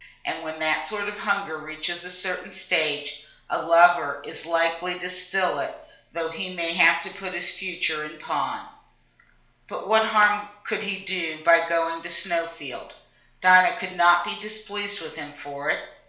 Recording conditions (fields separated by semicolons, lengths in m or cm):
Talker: one person; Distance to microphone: 1.0 m; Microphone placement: close; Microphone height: 1.1 m; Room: small (3.7 m by 2.7 m); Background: none